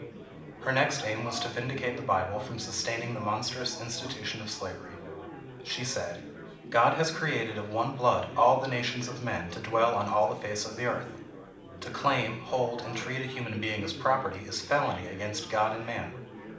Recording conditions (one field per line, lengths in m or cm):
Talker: one person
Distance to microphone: 2.0 m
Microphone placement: close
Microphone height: 99 cm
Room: medium-sized (5.7 m by 4.0 m)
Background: babble